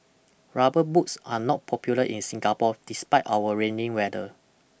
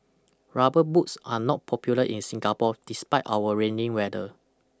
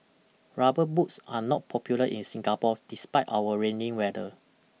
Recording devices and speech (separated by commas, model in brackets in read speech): boundary microphone (BM630), close-talking microphone (WH20), mobile phone (iPhone 6), read sentence